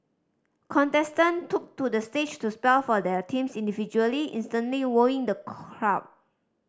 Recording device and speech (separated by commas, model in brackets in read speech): standing microphone (AKG C214), read sentence